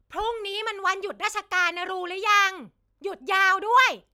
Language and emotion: Thai, angry